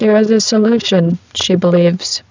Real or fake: fake